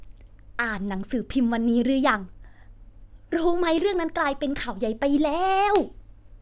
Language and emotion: Thai, happy